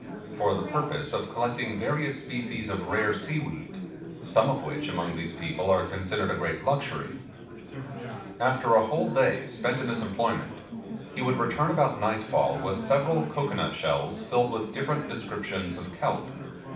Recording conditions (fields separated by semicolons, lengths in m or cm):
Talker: one person; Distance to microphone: 5.8 m; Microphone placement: far; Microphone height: 1.8 m; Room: medium-sized (5.7 m by 4.0 m); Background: babble